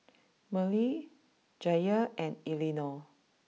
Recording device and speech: mobile phone (iPhone 6), read sentence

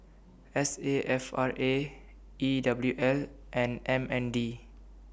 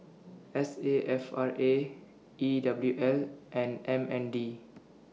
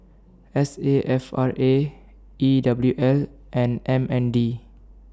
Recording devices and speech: boundary microphone (BM630), mobile phone (iPhone 6), standing microphone (AKG C214), read sentence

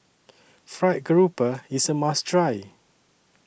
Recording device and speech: boundary microphone (BM630), read sentence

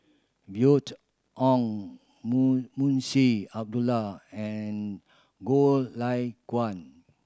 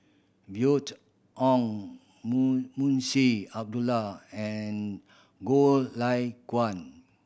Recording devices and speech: standing microphone (AKG C214), boundary microphone (BM630), read sentence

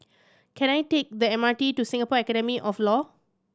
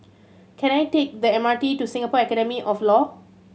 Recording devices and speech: standing microphone (AKG C214), mobile phone (Samsung C7100), read sentence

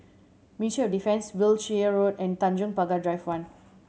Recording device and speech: mobile phone (Samsung C7100), read sentence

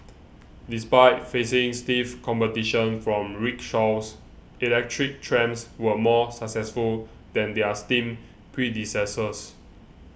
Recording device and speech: boundary microphone (BM630), read sentence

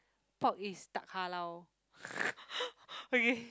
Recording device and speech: close-talking microphone, conversation in the same room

